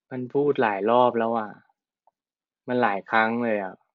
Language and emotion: Thai, frustrated